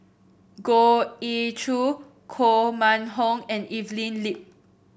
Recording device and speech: boundary microphone (BM630), read sentence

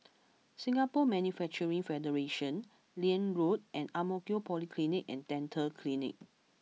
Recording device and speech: mobile phone (iPhone 6), read sentence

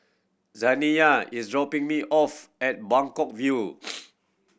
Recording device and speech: boundary microphone (BM630), read sentence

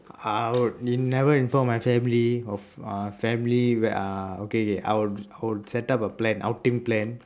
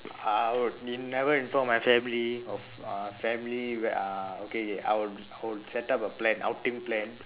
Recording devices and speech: standing microphone, telephone, conversation in separate rooms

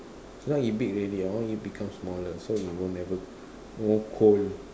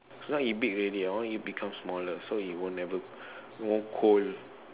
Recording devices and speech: standing microphone, telephone, conversation in separate rooms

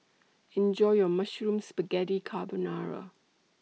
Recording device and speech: mobile phone (iPhone 6), read sentence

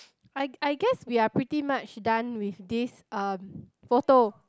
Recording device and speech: close-talking microphone, conversation in the same room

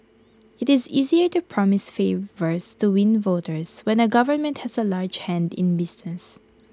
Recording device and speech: close-talking microphone (WH20), read sentence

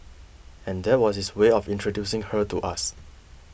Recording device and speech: boundary microphone (BM630), read sentence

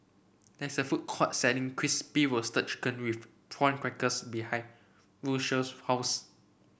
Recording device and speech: boundary microphone (BM630), read sentence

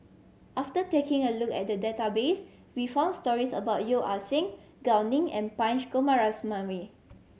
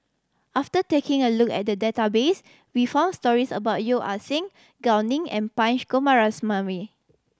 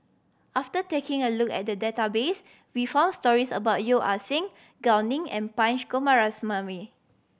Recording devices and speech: mobile phone (Samsung C7100), standing microphone (AKG C214), boundary microphone (BM630), read sentence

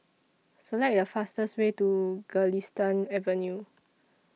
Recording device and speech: mobile phone (iPhone 6), read sentence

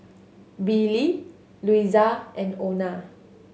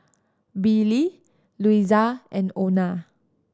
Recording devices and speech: mobile phone (Samsung S8), standing microphone (AKG C214), read sentence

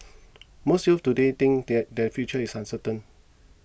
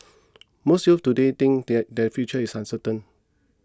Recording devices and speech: boundary microphone (BM630), close-talking microphone (WH20), read sentence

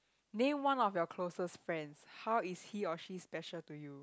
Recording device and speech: close-talking microphone, conversation in the same room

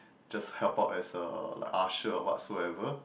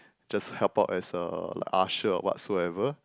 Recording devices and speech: boundary microphone, close-talking microphone, conversation in the same room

